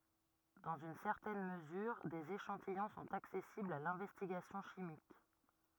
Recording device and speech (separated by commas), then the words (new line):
rigid in-ear microphone, read sentence
Dans une certaine mesure, des échantillons sont accessibles à l'investigation chimique.